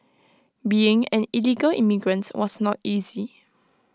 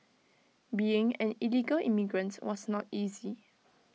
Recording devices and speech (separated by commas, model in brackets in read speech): close-talking microphone (WH20), mobile phone (iPhone 6), read sentence